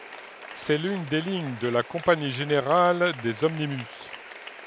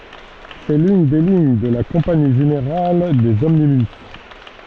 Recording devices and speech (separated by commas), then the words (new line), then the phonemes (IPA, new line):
headset microphone, soft in-ear microphone, read sentence
C'est l'une des lignes de la Compagnie générale des omnibus.
sɛ lyn de liɲ də la kɔ̃pani ʒeneʁal dez ɔmnibys